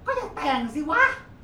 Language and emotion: Thai, angry